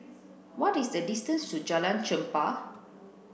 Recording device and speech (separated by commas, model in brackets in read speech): boundary microphone (BM630), read sentence